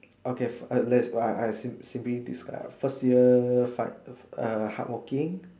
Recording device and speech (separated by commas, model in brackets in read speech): standing microphone, conversation in separate rooms